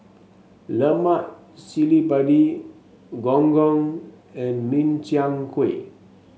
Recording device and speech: mobile phone (Samsung S8), read sentence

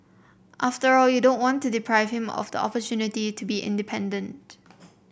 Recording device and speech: boundary microphone (BM630), read sentence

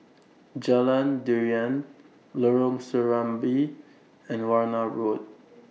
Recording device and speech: mobile phone (iPhone 6), read sentence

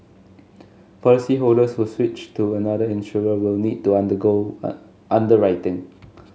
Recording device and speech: mobile phone (Samsung S8), read sentence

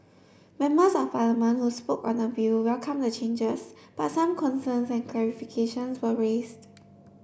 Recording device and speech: boundary microphone (BM630), read sentence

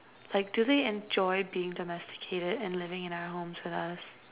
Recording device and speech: telephone, conversation in separate rooms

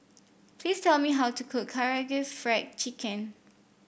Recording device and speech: boundary microphone (BM630), read sentence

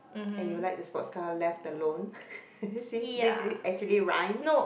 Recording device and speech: boundary microphone, conversation in the same room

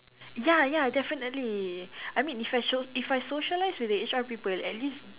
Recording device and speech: telephone, conversation in separate rooms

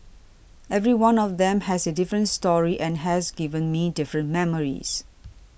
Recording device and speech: boundary microphone (BM630), read sentence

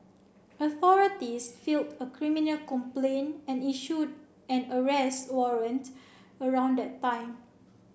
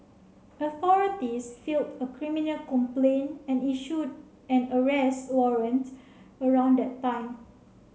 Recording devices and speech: boundary microphone (BM630), mobile phone (Samsung C7), read sentence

